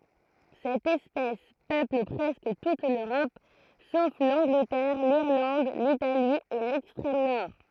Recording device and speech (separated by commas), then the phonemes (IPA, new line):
throat microphone, read sentence
sɛt ɛspɛs pøpl pʁɛskə tut løʁɔp sof lɑ̃ɡlətɛʁ liʁlɑ̃d litali e lɛkstʁɛm nɔʁ